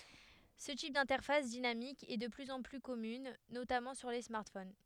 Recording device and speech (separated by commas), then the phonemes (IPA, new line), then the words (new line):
headset microphone, read sentence
sə tip dɛ̃tɛʁfas dinamik ɛ də plyz ɑ̃ ply kɔmyn notamɑ̃ syʁ le smaʁtfon
Ce type d'interface dynamique est de plus en plus commune, notamment sur les smartphones.